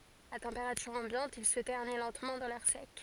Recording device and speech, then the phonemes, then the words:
forehead accelerometer, read sentence
a tɑ̃peʁatyʁ ɑ̃bjɑ̃t il sə tɛʁni lɑ̃tmɑ̃ dɑ̃ lɛʁ sɛk
À température ambiante, il se ternit lentement dans l’air sec.

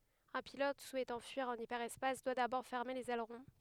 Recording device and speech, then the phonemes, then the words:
headset microphone, read sentence
œ̃ pilɔt suɛtɑ̃ fyiʁ ɑ̃n ipɛʁɛspas dwa dabɔʁ fɛʁme lez ɛlʁɔ̃
Un pilote souhaitant fuir en hyperespace doit d’abord fermer les ailerons.

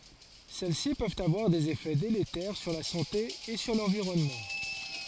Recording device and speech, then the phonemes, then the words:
forehead accelerometer, read sentence
sɛl si pøvt avwaʁ dez efɛ deletɛʁ syʁ la sɑ̃te e syʁ lɑ̃viʁɔnmɑ̃
Celles-ci peuvent avoir des effets délétères sur la santé et sur l'environnement.

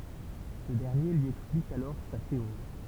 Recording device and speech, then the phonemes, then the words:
temple vibration pickup, read sentence
sə dɛʁnje lyi ɛksplik alɔʁ sa teoʁi
Ce dernier lui explique alors sa théorie.

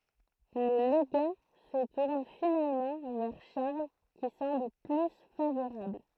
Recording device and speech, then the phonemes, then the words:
throat microphone, read sentence
lə leɡa sə tuʁn finalmɑ̃ vɛʁ ʃaʁl ki sɑ̃bl ply favoʁabl
Le légat se tourne finalement vers Charles qui semble plus favorable.

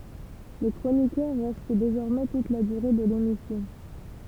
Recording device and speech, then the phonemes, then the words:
temple vibration pickup, read sentence
le kʁonikœʁ ʁɛst dezɔʁmɛ tut la dyʁe də lemisjɔ̃
Les chroniqueurs restent désormais toute la durée de l'émission.

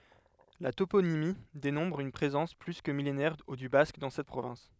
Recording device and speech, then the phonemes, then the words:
headset microphone, read sentence
la toponimi demɔ̃tʁ yn pʁezɑ̃s ply kə milenɛʁ dy bask dɑ̃ sɛt pʁovɛ̃s
La toponymie démontre une présence plus que millénaire du basque dans cette province.

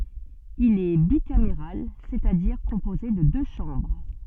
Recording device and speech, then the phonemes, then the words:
soft in-ear microphone, read sentence
il ɛ bikameʁal sɛt a diʁ kɔ̃poze də dø ʃɑ̃bʁ
Il est bicaméral, c'est-à-dire composé de deux chambres.

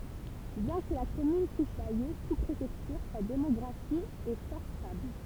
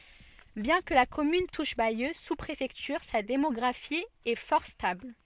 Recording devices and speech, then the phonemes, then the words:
temple vibration pickup, soft in-ear microphone, read sentence
bjɛ̃ kə la kɔmyn tuʃ bajø su pʁefɛktyʁ sa demɔɡʁafi ɛ fɔʁ stabl
Bien que la commune touche Bayeux, sous-préfecture, sa démographie est fort stable.

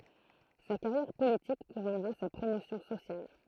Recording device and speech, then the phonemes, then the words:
throat microphone, read sentence
sa kaʁjɛʁ politik kuʁɔnʁa sa pʁomosjɔ̃ sosjal
Sa carrière politique couronnera sa promotion sociale.

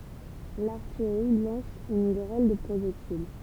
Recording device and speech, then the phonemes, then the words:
temple vibration pickup, read sentence
laʁtijʁi lɑ̃s yn ɡʁɛl də pʁoʒɛktil
L’artillerie lance une grêle de projectiles.

